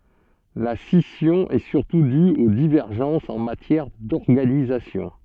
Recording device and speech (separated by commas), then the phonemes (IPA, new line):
soft in-ear microphone, read sentence
la sisjɔ̃ ɛ syʁtu dy o divɛʁʒɑ̃sz ɑ̃ matjɛʁ dɔʁɡanizasjɔ̃